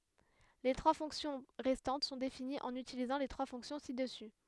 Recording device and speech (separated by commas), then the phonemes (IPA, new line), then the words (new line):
headset microphone, read sentence
le tʁwa fɔ̃ksjɔ̃ ʁɛstɑ̃t sɔ̃ definiz ɑ̃n ytilizɑ̃ le tʁwa fɔ̃ksjɔ̃ si dəsy
Les trois fonctions restantes sont définies en utilisant les trois fonctions ci-dessus.